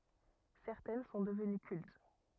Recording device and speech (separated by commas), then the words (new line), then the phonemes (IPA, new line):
rigid in-ear microphone, read sentence
Certaines sont devenues cultes.
sɛʁtɛn sɔ̃ dəvəny kylt